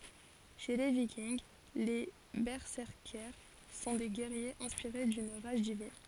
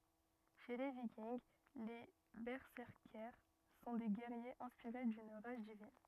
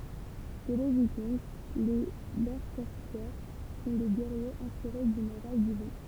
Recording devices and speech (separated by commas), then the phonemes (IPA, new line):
forehead accelerometer, rigid in-ear microphone, temple vibration pickup, read sentence
ʃe le vikinɡ le bɛsɛʁkɛʁs sɔ̃ de ɡɛʁjez ɛ̃spiʁe dyn ʁaʒ divin